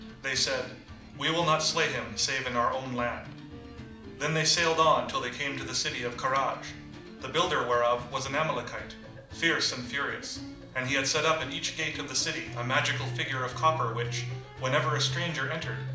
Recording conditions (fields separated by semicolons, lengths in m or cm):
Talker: one person; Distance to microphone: 2.0 m; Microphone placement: close; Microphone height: 99 cm; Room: medium-sized (5.7 m by 4.0 m); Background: music